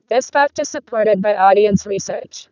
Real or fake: fake